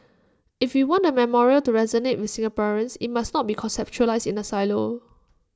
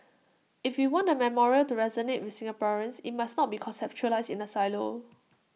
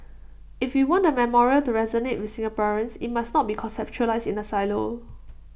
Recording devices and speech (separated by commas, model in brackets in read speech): standing microphone (AKG C214), mobile phone (iPhone 6), boundary microphone (BM630), read sentence